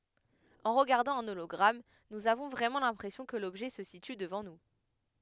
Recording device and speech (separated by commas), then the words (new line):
headset microphone, read sentence
En regardant un hologramme, nous avons vraiment l'impression que l'objet se situe devant nous.